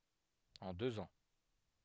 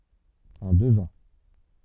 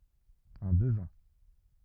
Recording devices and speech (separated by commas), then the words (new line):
headset microphone, soft in-ear microphone, rigid in-ear microphone, read sentence
En deux ans.